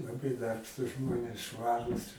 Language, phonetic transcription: Lithuanian, laˈbai ˈdarbštūs ˈžmonės ˈšvarūs

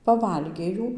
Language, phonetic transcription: Lithuanian, paˈvalgė ˈjų

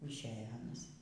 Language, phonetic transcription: Lithuanian, išˈeja ˈanas

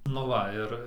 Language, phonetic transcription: Lithuanian, nu ˈva ir

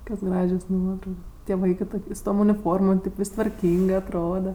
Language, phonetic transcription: Lithuanian, ˈkokios ˈgražios ˈnuotraukos tie ˈvaikɜ ˈtuk' su tom uniˈformom kaip ˈvis' tvarˈkyngɜ atˈroda

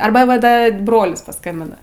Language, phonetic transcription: Lithuanian, ˈarba ˈva ˈda ˈbrolis paˈskambina

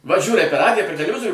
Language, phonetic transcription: Lithuanian, va ˈžiūrai per ˈradija per teleˈvizorių

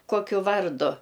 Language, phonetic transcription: Lithuanian, ˈkokiu ˈvardu

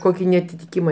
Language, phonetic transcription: Lithuanian, ˈkoki neatitiˈkima

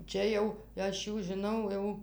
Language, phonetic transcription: Lithuanian, ˈčia jau ˈaš ˈjų žiˈnau jau

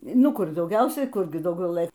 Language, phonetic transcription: Lithuanian, ˈnu ˈkur dauˈgiausiai ˈkurgi dauˈgiau ˈlɘ

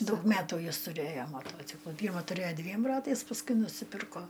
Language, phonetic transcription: Lithuanian, ˈdaug ˈmetų ˈjis tuˈrėjo maˈtociklu ˈpyrma tuˈrėo ˈdviem ˈratais pasˈkui nusiˈpirko

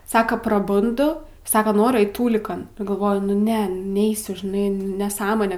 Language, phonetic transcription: Lithuanian, ˈsaka praˈbundu ˈsaka ˈnoriu ˈait ˈtūlikan nu galˈvoju ˈne ˈneisiu žiˈnai nesˈąmone

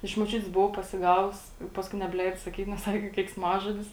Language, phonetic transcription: Lithuanian, iš moˈčiutės buˈvau pasiˈgavus i ˈpaskui nebˈleido saˈkyt nes ˈsaki keiksˈmažodis

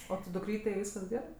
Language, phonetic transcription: Lithuanian, o ti duˈkrytei ˈvyskas ˈgerɜ

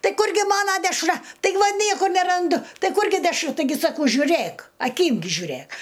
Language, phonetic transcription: Lithuanian, ˈtai ˈkurgi ˈmana dešˈra taiˈgi va ˈniekur neranˈdu ˈtai ˈkurgi dešˈru taiˈgi saˈkau žiuˈræk aˈkym gi žiuˈræk

